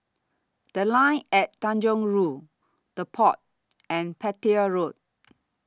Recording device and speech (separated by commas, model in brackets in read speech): standing microphone (AKG C214), read sentence